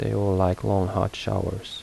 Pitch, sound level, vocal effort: 95 Hz, 75 dB SPL, soft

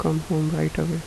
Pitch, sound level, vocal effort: 160 Hz, 77 dB SPL, soft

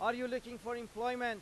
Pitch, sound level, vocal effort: 240 Hz, 100 dB SPL, very loud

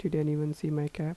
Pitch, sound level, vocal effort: 155 Hz, 79 dB SPL, soft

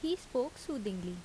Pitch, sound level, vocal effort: 250 Hz, 79 dB SPL, normal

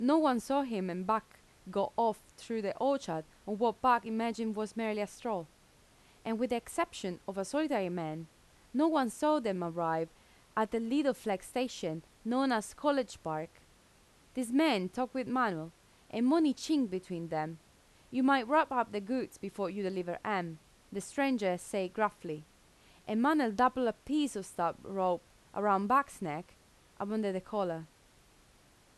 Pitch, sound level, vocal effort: 210 Hz, 86 dB SPL, normal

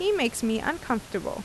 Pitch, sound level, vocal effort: 235 Hz, 82 dB SPL, normal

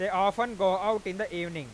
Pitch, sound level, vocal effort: 195 Hz, 101 dB SPL, very loud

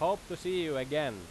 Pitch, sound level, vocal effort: 155 Hz, 95 dB SPL, very loud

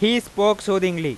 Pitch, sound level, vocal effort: 200 Hz, 98 dB SPL, very loud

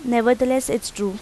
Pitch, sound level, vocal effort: 240 Hz, 85 dB SPL, normal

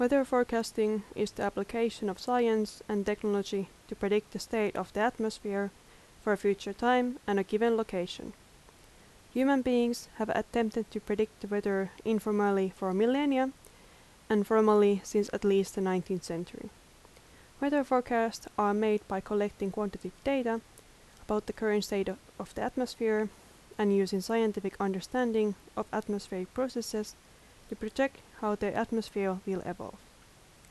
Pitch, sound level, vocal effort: 215 Hz, 80 dB SPL, normal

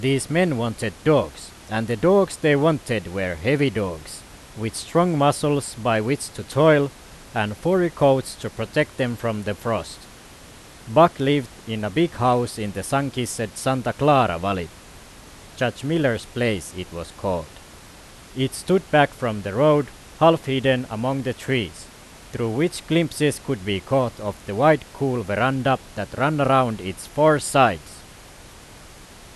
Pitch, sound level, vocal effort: 125 Hz, 91 dB SPL, very loud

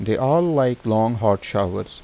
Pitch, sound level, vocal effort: 115 Hz, 84 dB SPL, normal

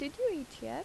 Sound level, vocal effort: 81 dB SPL, normal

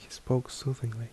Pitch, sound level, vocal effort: 125 Hz, 68 dB SPL, soft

